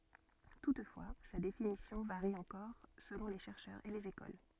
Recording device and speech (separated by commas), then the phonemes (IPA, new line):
soft in-ear microphone, read sentence
tutfwa sa definisjɔ̃ vaʁi ɑ̃kɔʁ səlɔ̃ le ʃɛʁʃœʁz e lez ekol